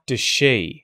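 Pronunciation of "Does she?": In 'Does she', the z sound of 'does' disappears and its uh vowel is reduced to a schwa. The emphasis is on 'she'.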